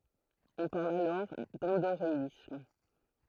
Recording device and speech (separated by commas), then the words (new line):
throat microphone, read sentence
On parle alors d'endoréisme.